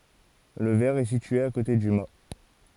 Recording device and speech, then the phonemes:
forehead accelerometer, read sentence
lə vɛʁ ɛ sitye a kote dy ma

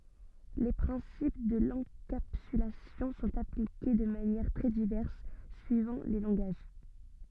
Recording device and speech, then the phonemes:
soft in-ear microphone, read sentence
le pʁɛ̃sip də lɑ̃kapsylasjɔ̃ sɔ̃t aplike də manjɛʁ tʁɛ divɛʁs syivɑ̃ le lɑ̃ɡaʒ

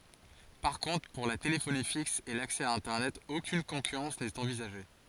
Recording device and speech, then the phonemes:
forehead accelerometer, read sentence
paʁ kɔ̃tʁ puʁ la telefoni fiks e laksɛ a ɛ̃tɛʁnɛt okyn kɔ̃kyʁɑ̃s nɛt ɑ̃vizaʒe

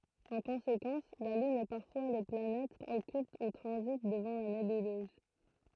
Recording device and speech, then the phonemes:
throat microphone, read sentence
ɑ̃ kɔ̃sekɑ̃s la lyn e paʁfwa le planɛtz ɔkylt u tʁɑ̃zit dəvɑ̃ la nebyløz

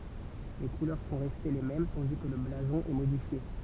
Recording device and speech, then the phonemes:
temple vibration pickup, read sentence
le kulœʁ sɔ̃ ʁɛste le mɛm tɑ̃di kə lə blazɔ̃ ɛ modifje

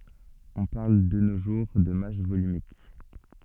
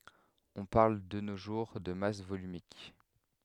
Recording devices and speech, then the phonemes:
soft in-ear microphone, headset microphone, read sentence
ɔ̃ paʁl də no ʒuʁ də mas volymik

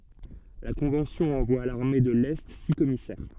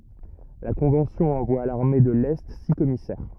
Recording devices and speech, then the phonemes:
soft in-ear microphone, rigid in-ear microphone, read sentence
la kɔ̃vɑ̃sjɔ̃ ɑ̃vwa a laʁme də lɛ si kɔmisɛʁ

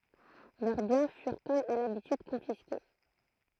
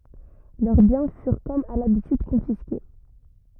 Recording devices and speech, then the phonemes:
throat microphone, rigid in-ear microphone, read sentence
lœʁ bjɛ̃ fyʁ kɔm a labityd kɔ̃fiske

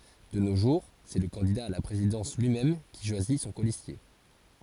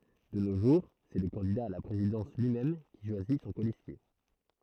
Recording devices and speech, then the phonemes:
forehead accelerometer, throat microphone, read sentence
də no ʒuʁ sɛ lə kɑ̃dida a la pʁezidɑ̃s lyimɛm ki ʃwazi sɔ̃ kolistje

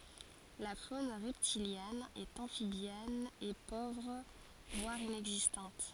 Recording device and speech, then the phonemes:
forehead accelerometer, read sentence
la fon ʁɛptiljɛn e ɑ̃fibjɛn ɛ povʁ vwaʁ inɛɡzistɑ̃t

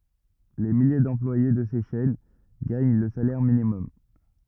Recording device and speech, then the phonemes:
rigid in-ear microphone, read sentence
le milje dɑ̃plwaje də se ʃɛn ɡaɲ lə salɛʁ minimɔm

